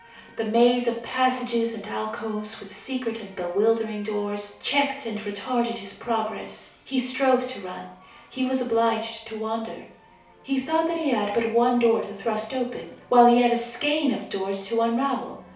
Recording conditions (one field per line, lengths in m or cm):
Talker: one person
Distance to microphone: 3.0 m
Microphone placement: far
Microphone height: 1.8 m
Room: small (3.7 m by 2.7 m)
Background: television